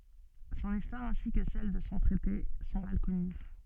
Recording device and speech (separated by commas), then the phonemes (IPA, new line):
soft in-ear microphone, read sentence
sɔ̃n istwaʁ ɛ̃si kə sɛl də sɔ̃ tʁɛte sɔ̃ mal kɔny